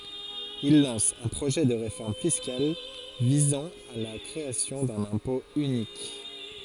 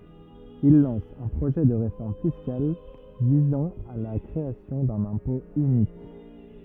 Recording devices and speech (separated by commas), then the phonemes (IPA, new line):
forehead accelerometer, rigid in-ear microphone, read sentence
il lɑ̃s œ̃ pʁoʒɛ də ʁefɔʁm fiskal vizɑ̃ a la kʁeasjɔ̃ dœ̃n ɛ̃pɔ̃ ynik